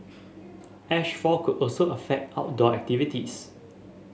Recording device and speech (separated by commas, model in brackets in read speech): mobile phone (Samsung S8), read sentence